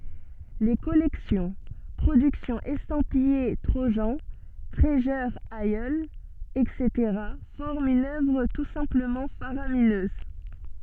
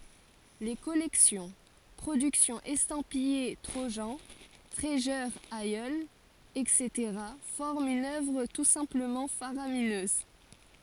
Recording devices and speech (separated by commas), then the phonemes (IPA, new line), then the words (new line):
soft in-ear microphone, forehead accelerometer, read sentence
le kɔlɛksjɔ̃ pʁodyksjɔ̃z ɛstɑ̃pije tʁoʒɑ̃ tʁizyʁ isl ɛtseteʁa fɔʁmt yn œvʁ tu sɛ̃pləmɑ̃ faʁaminøz
Les collections, productions estampillées Trojan, Treasure Isle, etc. forment une œuvre tout simplement faramineuse.